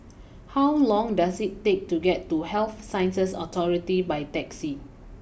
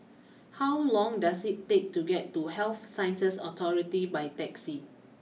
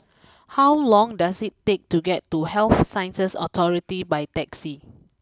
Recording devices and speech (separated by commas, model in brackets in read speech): boundary microphone (BM630), mobile phone (iPhone 6), close-talking microphone (WH20), read sentence